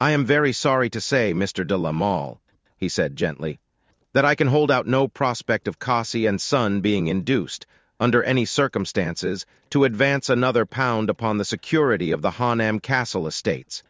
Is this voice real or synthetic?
synthetic